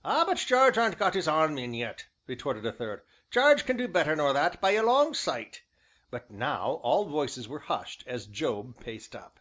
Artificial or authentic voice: authentic